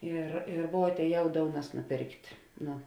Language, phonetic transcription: Lithuanian, ˈir i ˈvuo atēˈjau ˈdounas nuˈpėrkt' ˈnu

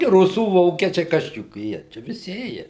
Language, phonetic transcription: Lithuanian, gi ˈrusų ˈvokiečiai ˈkas čia juk ˈjie ˈčia viˈsi ˈėje

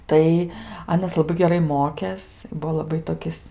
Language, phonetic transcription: Lithuanian, ˈtai ˈanas laˈbai geˈrai ˈmokės i ˈbuvo laˈbai toˈkis

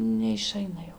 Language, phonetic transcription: Lithuanian, neiˈšaina jau

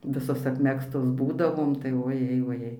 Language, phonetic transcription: Lithuanian, ˈvisos apˈmegztos ˈbūdavom tai oˈjei voˈjei

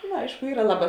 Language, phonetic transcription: Lithuanian, nu ˈaišku ˈyra ˈlaˌbā

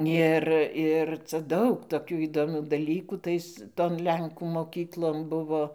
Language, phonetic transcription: Lithuanian, ˈir ˈir ca ˈdaug toˈkių įdoˈmių daˈlykų ˈtais ˈton ˈlenkų moˈkyklon ˈbuvo

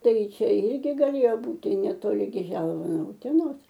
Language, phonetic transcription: Lithuanian, ˈtai ˈčia ˈirgi gaˈlėjo ˈbūti netoˈli ˈgi ˈželva no uteˈnos

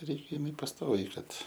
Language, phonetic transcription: Lithuanian, ˈreik' iˈmi pasˈtoviai ˈkad

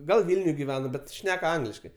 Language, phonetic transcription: Lithuanian, ˈgal ˈvilniuj giˈvena ˈbet ˈšnek ˈangliškai

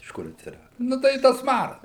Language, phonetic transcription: Lithuanian, iš ˈkur atsiˈradu ˈnu tai i ˈtas ˈmaras

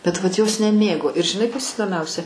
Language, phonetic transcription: Lithuanian, bet vat jos neˈmėgo ir žiˈnai ˈkas įdoˈmiausia

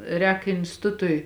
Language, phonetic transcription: Lithuanian, ˈrēk instiˈtutui

